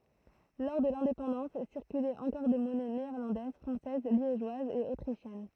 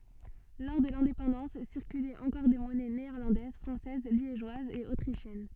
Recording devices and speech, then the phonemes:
throat microphone, soft in-ear microphone, read sentence
lɔʁ də lɛ̃depɑ̃dɑ̃s siʁkylɛt ɑ̃kɔʁ de mɔnɛ neɛʁlɑ̃dɛz fʁɑ̃sɛz ljeʒwazz e otʁiʃjɛn

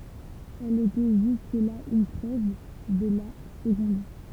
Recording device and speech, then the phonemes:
temple vibration pickup, read sentence
ɛl etɛ ʒysk la yn tʁɛv də la səɡɔ̃d

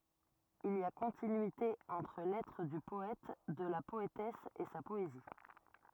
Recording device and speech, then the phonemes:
rigid in-ear microphone, read sentence
il i a kɔ̃tinyite ɑ̃tʁ lɛtʁ dy pɔɛt də la pɔetɛs e sa pɔezi

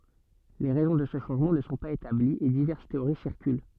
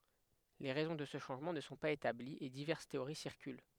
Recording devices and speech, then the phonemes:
soft in-ear microphone, headset microphone, read sentence
le ʁɛzɔ̃ də sə ʃɑ̃ʒmɑ̃ nə sɔ̃ paz etabliz e divɛʁs teoʁi siʁkyl

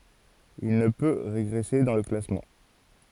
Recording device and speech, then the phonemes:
forehead accelerometer, read sentence
il nə pø ʁeɡʁɛse dɑ̃ lə klasmɑ̃

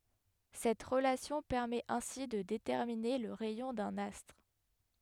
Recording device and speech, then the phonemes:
headset microphone, read sentence
sɛt ʁəlasjɔ̃ pɛʁmɛt ɛ̃si də detɛʁmine lə ʁɛjɔ̃ dœ̃n astʁ

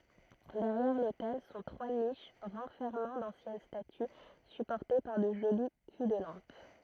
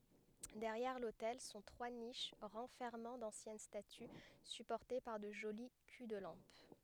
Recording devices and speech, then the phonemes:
throat microphone, headset microphone, read sentence
dɛʁjɛʁ lotɛl sɔ̃ tʁwa niʃ ʁɑ̃fɛʁmɑ̃ dɑ̃sjɛn staty sypɔʁte paʁ də ʒoli ky də lɑ̃p

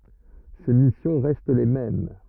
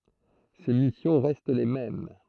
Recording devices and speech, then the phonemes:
rigid in-ear microphone, throat microphone, read sentence
se misjɔ̃ ʁɛst le mɛm

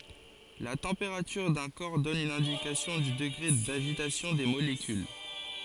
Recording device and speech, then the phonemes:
forehead accelerometer, read sentence
la tɑ̃peʁatyʁ dœ̃ kɔʁ dɔn yn ɛ̃dikasjɔ̃ dy dəɡʁe daʒitasjɔ̃ de molekyl

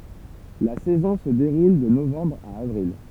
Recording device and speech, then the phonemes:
temple vibration pickup, read sentence
la sɛzɔ̃ sə deʁul də novɑ̃bʁ a avʁil

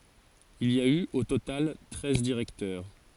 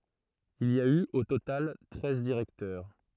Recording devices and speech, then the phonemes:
forehead accelerometer, throat microphone, read sentence
il i a y o total tʁɛz diʁɛktœʁ

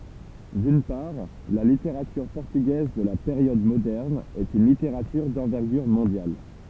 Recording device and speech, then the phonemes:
temple vibration pickup, read sentence
dyn paʁ la liteʁatyʁ pɔʁtyɡɛz də la peʁjɔd modɛʁn ɛt yn liteʁatyʁ dɑ̃vɛʁɡyʁ mɔ̃djal

